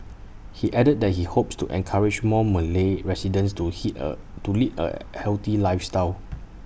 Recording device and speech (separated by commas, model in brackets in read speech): boundary microphone (BM630), read sentence